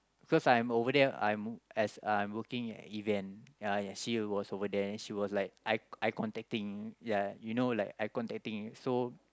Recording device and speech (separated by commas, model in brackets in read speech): close-talking microphone, conversation in the same room